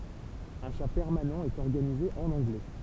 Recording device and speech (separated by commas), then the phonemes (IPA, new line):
temple vibration pickup, read sentence
œ̃ ʃa pɛʁmanɑ̃ ɛt ɔʁɡanize ɑ̃n ɑ̃ɡlɛ